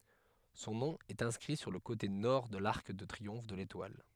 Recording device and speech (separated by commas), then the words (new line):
headset microphone, read sentence
Son nom est inscrit sur le côté Nord de l'arc de triomphe de l'Étoile.